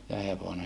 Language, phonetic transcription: Finnish, ja hevone .
- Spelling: ja hevonen

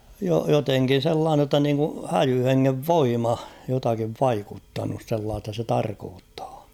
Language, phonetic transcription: Finnish, jo- joteŋkin̬ 'sellaane ‿tta niiŋku 'häjy 'heŋŋev "voima , jotakiv "vaikuttanus sellaasta se 'tarkoottᴀᴀ .
- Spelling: - jotenkin sellainen jotta niin kuin häijy hengen voima jotakin vaikuttanut sellaista se tarkoittaa

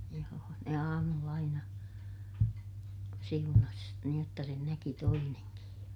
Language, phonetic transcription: Finnish, joo ne aamull ‿aina , siunas , niij jotta sen näki toineŋkij ja ,.
- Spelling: joo ne aamulla aina siunasi niin jotta sen näki toinenkin ja

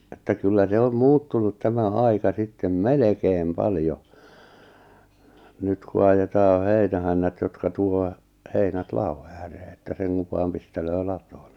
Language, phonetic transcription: Finnish, että kyllä 'se om 'muuttunut tämä 'aika sittem "melekeem 'paljo , 'nyt ku ajetaa 'heinähännät jotka 'tuo , 'heinät 'la₍o ääree että 'seŋkuv vaam pistelöö 'latooɴ Nᴇ .
- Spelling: että kyllä se on muuttunut tämä aika sitten melkein paljon nyt kun ajetaan heinähännät jotka tuo heinät ladon ääreen että sen kun vain pistelee latoon ne

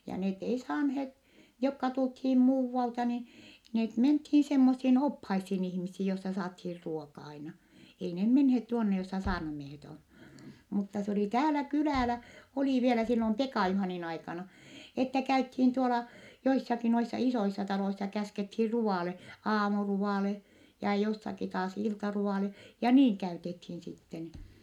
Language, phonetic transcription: Finnish, ja net ei saanheet , jokka tulthiim muuvvalta ni , net menthii semmossiin ophaissin ihmissi jossa saathiir ruoka aina , ei ne menhet tuonne jossa saarnamiehet on , mutta s ‿olì täälä kylä̀lä , olì vielä sillom Pekà Juhànin aikana , että käythiin tuola , joissaki noissa isoissa taloissa käskethiir ru₍àle , aamuruvàle , ja jossaki taas iltaru₍àle , ja niiŋ käytethiin sitten .
- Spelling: ja ne ei saaneet jotka tultiin muualta niin ne mentiin semmoisiin oppaisiin ihmisiin jossa saatiin ruoka aina ei ne menneet tuonne jossa saarnamiehet on mutta se oli täällä kylällä oli vielä silloin Pekan Juhanin aikana että käytiin tuolla joissakin noissa isoissa taloissa käskettiin ruoalle aamuruoalle ja jossakin taas iltaruoalle ja niin käytettiin sitten

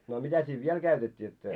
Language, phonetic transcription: Finnish, no mitä siiv 'viɛl käytet́t́ii jot se ,?
- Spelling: no mitä siinä vielä käytettiin jotta se

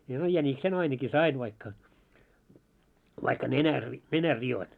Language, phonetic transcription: Finnish, no 'jäniksen ainaki "sain vaikka , vaikka 'nenär ri- , 'nenär 'ri₍oin .
- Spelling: no jäniksen ainakin sain vaikka vaikka nenän - nenän rikoin

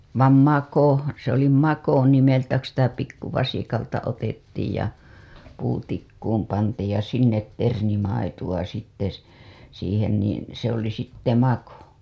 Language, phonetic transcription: Finnish, vam "mako , se ‿oli "mako 'nimeltä ku sitä 'pikkuvasikalta otettiij ja 'puutikkuum pantiij ja 'sinnet 'ternimaitu‿a sitte , s- , siihen niin̬ , se ‿oli sitte "mako .
- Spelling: vaan mako se oli mako nimeltä kun sitä pikkuvasikalta otettiin ja puutikkuun pantiin ja sinne ternimaitoa sitten - siihen niin se oli sitten mako

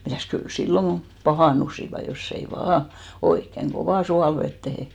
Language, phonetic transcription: Finnish, 'mitä̀s kyl 'silloŋ ɢo , "pahàn̆nusiva , joss ‿ei "vaa , 'oikkeŋ "ɢovà 'sualvettehe ,.
- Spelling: mitäs kyllä silloin kun pahentuivat jos ei vain oikein kovaan suolaveteen

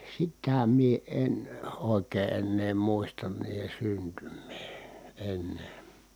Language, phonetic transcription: Finnish, sitä mie en òekee ennee muistan niihe syntym̆mee , en .
- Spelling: sitä minä en oikein enää muista niiden syntymää en

